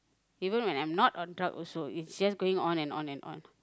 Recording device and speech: close-talking microphone, conversation in the same room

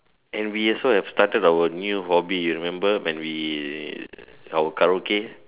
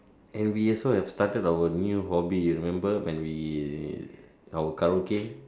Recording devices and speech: telephone, standing microphone, conversation in separate rooms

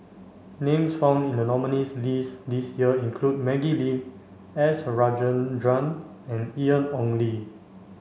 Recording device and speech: mobile phone (Samsung C5), read sentence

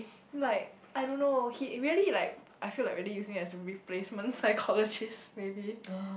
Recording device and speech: boundary microphone, conversation in the same room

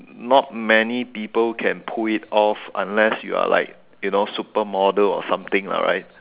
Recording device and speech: telephone, conversation in separate rooms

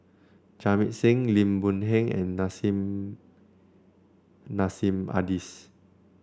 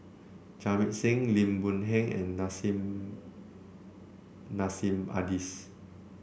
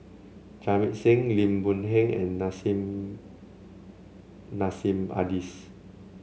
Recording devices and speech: standing microphone (AKG C214), boundary microphone (BM630), mobile phone (Samsung C7), read sentence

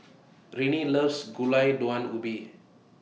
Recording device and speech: mobile phone (iPhone 6), read sentence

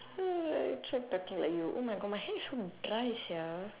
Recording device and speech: telephone, conversation in separate rooms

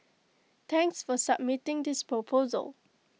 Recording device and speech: mobile phone (iPhone 6), read sentence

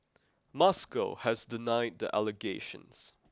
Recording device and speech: close-talking microphone (WH20), read sentence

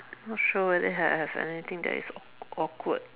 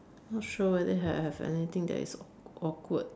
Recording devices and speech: telephone, standing microphone, conversation in separate rooms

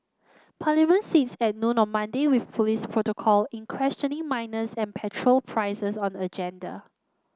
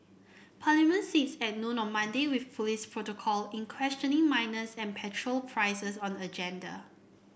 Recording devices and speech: close-talking microphone (WH30), boundary microphone (BM630), read sentence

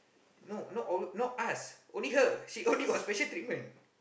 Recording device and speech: boundary microphone, conversation in the same room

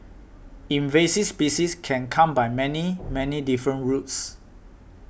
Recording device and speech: boundary microphone (BM630), read sentence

